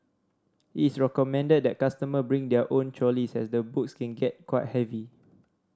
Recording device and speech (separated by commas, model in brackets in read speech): standing microphone (AKG C214), read sentence